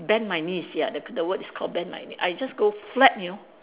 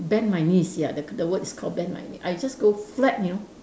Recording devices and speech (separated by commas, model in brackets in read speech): telephone, standing microphone, conversation in separate rooms